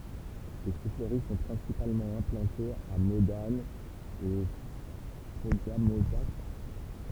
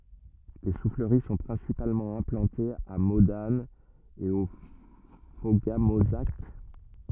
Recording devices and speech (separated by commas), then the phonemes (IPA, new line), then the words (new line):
temple vibration pickup, rigid in-ear microphone, read sentence
le sufləʁi sɔ̃ pʁɛ̃sipalmɑ̃ ɛ̃plɑ̃tez a modan e o foɡamozak
Les souffleries sont principalement implantées à Modane et au Fauga-Mauzac.